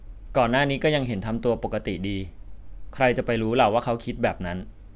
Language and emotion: Thai, neutral